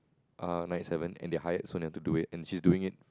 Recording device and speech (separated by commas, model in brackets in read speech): close-talking microphone, conversation in the same room